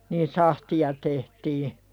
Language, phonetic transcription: Finnish, niin "sahti₍a tehtii .
- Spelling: niin sahtia tehtiin

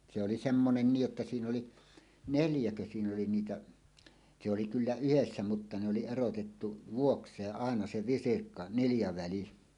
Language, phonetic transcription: Finnish, se oli semmonen 'niij jotta 'siin ‿oli , "neljäkö siin ‿oli 'niitä , se oli 'kyllä "yhessä mutta ne oli 'erotettu "vuoks̀eeˀ 'ˀàena 'se "visirkka- , 'niljaväli .
- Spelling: se oli semmoinen niin jotta siinä oli neljäkö siinä oli niitä se oli kyllä yhdessä mutta ne oli erotettu vuokseen aina se visirkka niljaväli

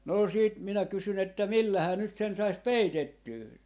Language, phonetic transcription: Finnish, noo 'siit minä 'kysyn ‿että » "millähää nyt sen 'sais "peitettyy » .
- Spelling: no sitten minä kysyin että millähän nyt sen saisi peitettyä

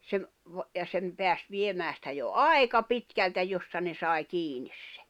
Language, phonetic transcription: Finnish, se ‿v- , va- , ja sem 'peäs 'viemää sⁱtä jo "ai̬ka 'pitkältä 'jossa ne sai̬ 'kiinis sᴇ .
- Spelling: se - - ja sen pääsi viemään sitä jo aika pitkältä jossa ne sai kiinni se

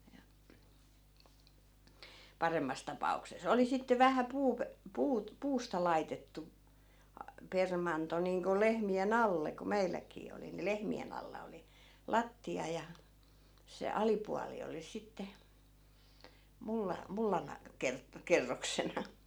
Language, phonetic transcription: Finnish, ja , 'paremmas tapa₍ukse"s ‿oli 'sitte 'vähä 'puup- , 'puut- , 'puusta laitettu , a- , 'permanto niiŋko 'lehmi₍e"n ‿alle ku 'meilläk̆kii oli ni 'lehmi₍en ‿alla oli , "latti₍a ja , se 'alipuali oli 'sitte , 'mulla- , 'mullan , 'ker- , 'kerroksena .
- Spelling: ja paremmassa tapauksessa oli sitten vähän - - puusta laitettu - permanto niin kuin lehmien alle kun meilläkin oli niin lehmien alla oli lattia ja se alipuoli oli sitten - mullan - kerroksena

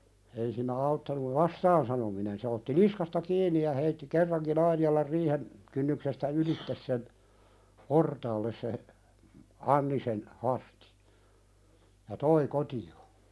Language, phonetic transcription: Finnish, ei siin̆nä 'auttanuv "vastaan sanominen se otti "niskasta 'kiin̆ni ja heitti 'kerraŋki'n ‿Ainijalar riihen , kynnyksestä "ylittes sen , "portaalles se , 'Anni sen , 'Hastɪ , ja "toi 'koti₍o .
- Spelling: ei siinä auttanut vastaan sanominen se otti niskasta kiinni ja heitti kerrankin Ainialan riihen kynnyksestä ylitse sen portaalle se Anni sen Hastin ja toi kotiin

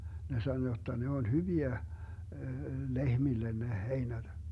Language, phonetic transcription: Finnish, 'ne sano 'jotta ne oĺ "hyviä , 'lehmillen ne 'heinäD .
- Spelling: ne sanoi jotta ne oli hyviä lehmille ne heinät

